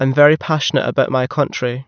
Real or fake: real